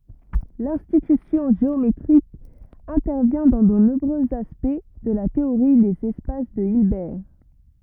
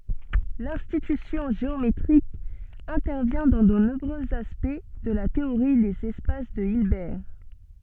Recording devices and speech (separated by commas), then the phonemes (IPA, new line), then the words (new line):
rigid in-ear microphone, soft in-ear microphone, read sentence
lɛ̃tyisjɔ̃ ʒeometʁik ɛ̃tɛʁvjɛ̃ dɑ̃ də nɔ̃bʁøz aspɛkt də la teoʁi dez ɛspas də ilbɛʁ
L'intuition géométrique intervient dans de nombreux aspects de la théorie des espaces de Hilbert.